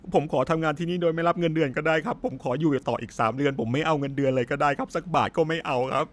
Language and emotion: Thai, sad